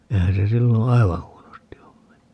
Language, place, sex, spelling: Finnish, Paavola, male, eihän se silloin aivan huonosti ole mennyt
- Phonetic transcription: 'eihän se 'silloo̰ "aiva 'huonosti om menny .

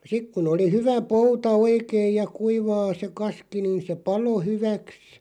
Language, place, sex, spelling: Finnish, Loppi, male, sitten kun oli hyvä pouta oikein ja kuivaa se kaski niin se paloi hyväksi
- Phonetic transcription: 'sik kun ‿oli "hyvä "pouta 'oikeij ja "kuivaa se 'kaski niin̬ se "palo 'hyväks ,.

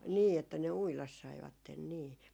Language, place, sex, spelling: Finnish, Jaala, female, niin että ne uida saivat niin
- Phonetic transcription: 'nii. , että ne 'uilas 'saivatten nii .

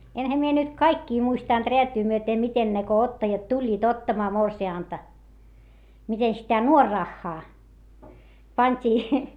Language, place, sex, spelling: Finnish, Hietamäki, female, enhän minä nyt kaikkia muistanut räätyä myöten miten ne kun ottajat tulivat ottamaan morsianta miten sitä nuorarahaa pantiin
- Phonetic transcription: enhä mie nyt kaikkii muistànt reätyy myöte miten ne ko ottajat tuĺĺiit ottamaa morsi₍ànta , mite sitä nuorraχχaa , pańt́ii .

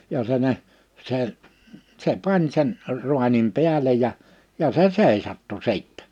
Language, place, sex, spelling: Finnish, Liperi, male, ja se ne se se pani sen raanin päälle ja ja se seisahtui sitten
- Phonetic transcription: ja se ne , sè , 'se "pań sen , 'ruanim 'piälej ja , ja 'se "sèisattu 'sìttɛ .

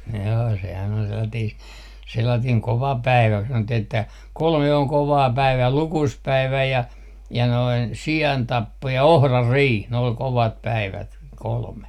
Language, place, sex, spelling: Finnish, Artjärvi, male, joo sehän oli sellainen sellainen kova päivä kun sanottiin että kolme on kovaa päivää lukuspäivä ja ja noin siantappo ja ohranriihi ne oli kovat päivät kolme
- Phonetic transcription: joo sehän ol 'sellatiis , 'sellatiiŋ "kova "päivä ku sanottih ‿että , "kolme 'oŋ "kovaa "päivää "lukuspäivä 'ja , ja noin "si₍antappo ja "ohrarriih , ne ol "kovat 'päivät , 'kolme .

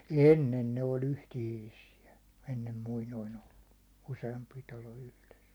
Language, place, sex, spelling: Finnish, Hollola, male, ennen ne oli yhteisiä ennen muinoin ollut useampi talo yhdessä
- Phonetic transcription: ennen ne oĺ 'yhtihiisi₍ä , 'ennem muinoin ‿ollu , 'use₍ampi talo 'yhles .

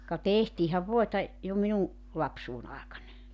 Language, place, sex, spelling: Finnish, Joutsa, female, ka tehtiinhän voita jo minun lapsuuden aikana
- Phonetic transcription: ka "tehtiihäv 'voeta , jo 'minuŋ , 'lapsuun 'àekana .

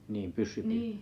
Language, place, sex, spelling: Finnish, Kalajoki, male, niin pyssypyynti
- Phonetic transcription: niim 'pyssypyynti ?

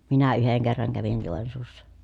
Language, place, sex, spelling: Finnish, Pielisjärvi, female, minä yhden kerran kävin Joensuussa
- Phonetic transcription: minä yheŋ kerraŋ kävin Jòensuussa .

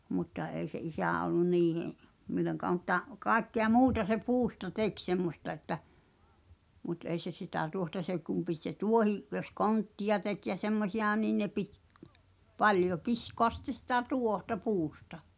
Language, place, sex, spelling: Finnish, Pihtipudas, female, mutta ei se isä ollut niiden milloinkaan mutta kaikkea muuta se puusta teki semmoista että mutta ei se sitä tuohta se kun piti se tuohi jos konttia teki ja semmoisia niin ne piti paljon kiskoa sitten sitä tuohta puusta
- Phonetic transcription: mutta 'èi se "isä̀ ollun "niihe’ , mil̆loŋkaa mᵘtta , "kàekkea "muuta se 'puusta "tek semmosta että , mut 'ei se 'sitä 'tuohta 'se kum pit se "tuohi’ , jos "konttija tek ja 'semmosiʲà 'nin ne pit , 'paljo "kiskoas sⁱᵗte sitä "tuohta "puusta .

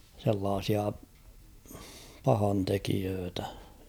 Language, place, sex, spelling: Finnish, Kauhava, male, sellaisia pahantekijöitä
- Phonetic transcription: sellaasia , 'pahantekiöötä .

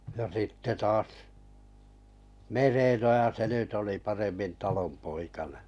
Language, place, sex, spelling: Finnish, Kalajoki, male, ja sitten taas Merenoja se nyt oli paremmin talonpoikainen
- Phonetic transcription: ja sitte 'taas , Merenojaa se nyt oli 'paremmin 'talompoikaneḛ .

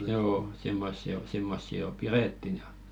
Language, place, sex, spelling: Finnish, Velkua, male, joo semmoisia - semmoisia jo pidettiin ja
- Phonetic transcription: 'joo , 'simmossi o- , 'simmossi jo "pirèttin ᴊᴀ .

